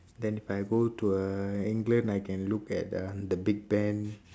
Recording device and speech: standing microphone, conversation in separate rooms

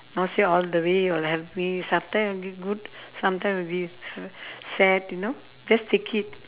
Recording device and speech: telephone, conversation in separate rooms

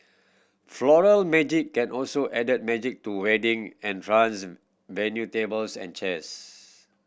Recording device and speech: boundary microphone (BM630), read sentence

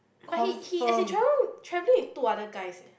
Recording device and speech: boundary microphone, conversation in the same room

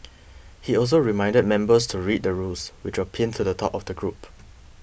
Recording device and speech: boundary microphone (BM630), read sentence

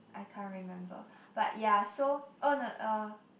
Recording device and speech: boundary microphone, conversation in the same room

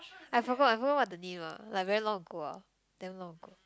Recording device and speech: close-talking microphone, conversation in the same room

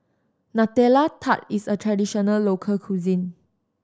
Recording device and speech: standing microphone (AKG C214), read sentence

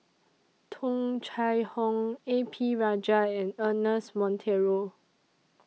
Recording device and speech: mobile phone (iPhone 6), read sentence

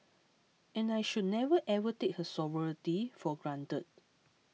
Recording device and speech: mobile phone (iPhone 6), read sentence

